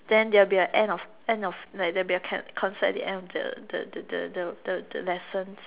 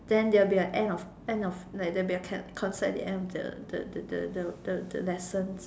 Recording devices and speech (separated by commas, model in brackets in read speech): telephone, standing microphone, conversation in separate rooms